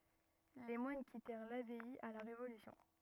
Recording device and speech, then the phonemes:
rigid in-ear microphone, read sentence
le mwan kitɛʁ labɛi a la ʁevolysjɔ̃

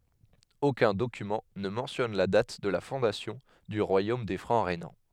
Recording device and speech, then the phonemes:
headset microphone, read sentence
okœ̃ dokymɑ̃ nə mɑ̃tjɔn la dat də la fɔ̃dasjɔ̃ dy ʁwajom de fʁɑ̃ ʁenɑ̃

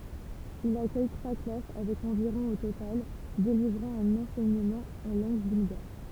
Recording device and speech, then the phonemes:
temple vibration pickup, read sentence
il akœj tʁwa klas avɛk ɑ̃viʁɔ̃ o total delivʁɑ̃ œ̃n ɑ̃sɛɲəmɑ̃ ɑ̃ lɑ̃ɡ bylɡaʁ

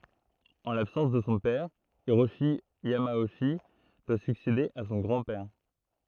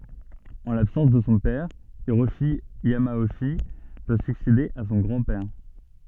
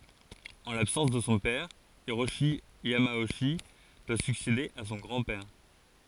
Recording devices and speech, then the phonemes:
throat microphone, soft in-ear microphone, forehead accelerometer, read sentence
ɑ̃ labsɑ̃s də sɔ̃ pɛʁ iʁoʃi jamoʃi dwa syksede a sɔ̃ ɡʁɑ̃ pɛʁ

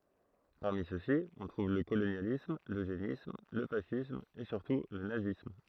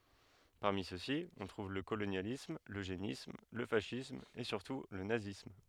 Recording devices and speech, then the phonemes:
throat microphone, headset microphone, read sentence
paʁmi søksi ɔ̃ tʁuv lə kolonjalism løʒenism lə fasism e syʁtu lə nazism

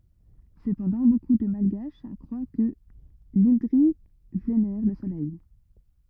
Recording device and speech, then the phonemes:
rigid in-ear microphone, read sentence
səpɑ̃dɑ̃ boku də malɡaʃ kʁwa kə lɛ̃dʁi venɛʁ lə solɛj

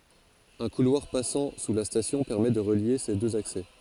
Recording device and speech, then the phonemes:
forehead accelerometer, read sentence
œ̃ kulwaʁ pasɑ̃ su la stasjɔ̃ pɛʁmɛ də ʁəlje se døz aksɛ

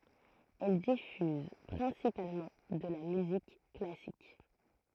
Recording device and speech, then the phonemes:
throat microphone, read sentence
ɛl difyz pʁɛ̃sipalmɑ̃ də la myzik klasik

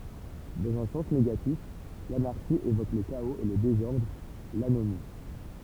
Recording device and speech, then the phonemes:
temple vibration pickup, read sentence
dɑ̃z œ̃ sɑ̃s neɡatif lanaʁʃi evok lə kaoz e lə dezɔʁdʁ lanomi

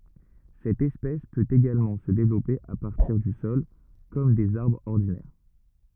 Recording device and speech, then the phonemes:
rigid in-ear microphone, read sentence
sɛt ɛspɛs pøt eɡalmɑ̃ sə devlɔpe a paʁtiʁ dy sɔl kɔm dez aʁbʁz ɔʁdinɛʁ

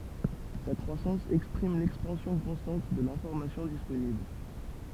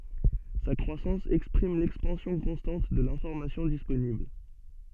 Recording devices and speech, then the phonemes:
temple vibration pickup, soft in-ear microphone, read sentence
sa kʁwasɑ̃s ɛkspʁim lɛkspɑ̃sjɔ̃ kɔ̃stɑ̃t də lɛ̃fɔʁmasjɔ̃ disponibl

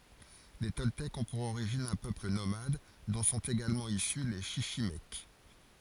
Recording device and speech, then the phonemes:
forehead accelerometer, read sentence
le tɔltɛkz ɔ̃ puʁ oʁiʒin œ̃ pøpl nomad dɔ̃ sɔ̃t eɡalmɑ̃ isy le ʃiʃimɛk

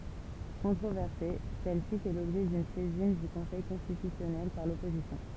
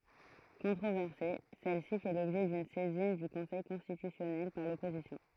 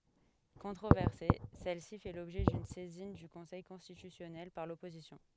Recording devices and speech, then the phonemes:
temple vibration pickup, throat microphone, headset microphone, read sentence
kɔ̃tʁovɛʁse sɛl si fɛ lɔbʒɛ dyn sɛzin dy kɔ̃sɛj kɔ̃stitysjɔnɛl paʁ lɔpozisjɔ̃

